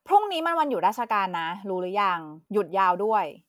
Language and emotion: Thai, frustrated